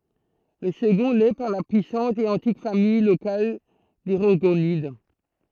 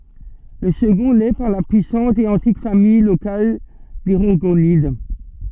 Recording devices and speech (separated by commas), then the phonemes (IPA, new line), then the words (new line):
throat microphone, soft in-ear microphone, read sentence
lə səɡɔ̃ lɛ paʁ la pyisɑ̃t e ɑ̃tik famij lokal de ʁɔʁɡonid
Le second l'est par la puissante et antique famille locale des Rorgonides.